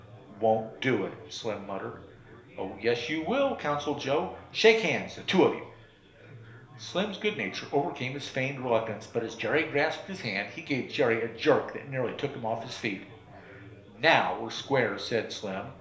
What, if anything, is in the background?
Crowd babble.